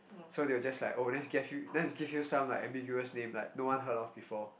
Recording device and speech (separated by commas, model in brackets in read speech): boundary microphone, conversation in the same room